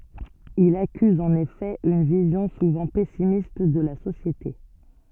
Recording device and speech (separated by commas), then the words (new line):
soft in-ear microphone, read sentence
Il accuse en effet une vision souvent pessimiste de la société.